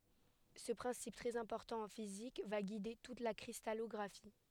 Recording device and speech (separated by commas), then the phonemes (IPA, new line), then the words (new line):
headset microphone, read sentence
sə pʁɛ̃sip tʁɛz ɛ̃pɔʁtɑ̃ ɑ̃ fizik va ɡide tut la kʁistalɔɡʁafi
Ce principe très important en physique va guider toute la cristallographie.